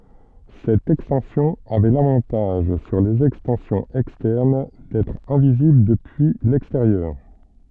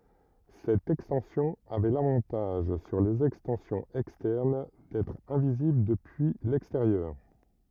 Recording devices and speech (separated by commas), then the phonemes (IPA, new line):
soft in-ear microphone, rigid in-ear microphone, read sentence
sɛt ɛkstɑ̃sjɔ̃ avɛ lavɑ̃taʒ syʁ lez ɛkstɑ̃sjɔ̃z ɛkstɛʁn dɛtʁ ɛ̃vizibl dəpyi lɛksteʁjœʁ